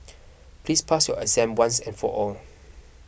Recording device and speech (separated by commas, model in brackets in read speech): boundary microphone (BM630), read sentence